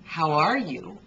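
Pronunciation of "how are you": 'How are you' sounds smooth: the words are linked together, with no stop in the voice between them.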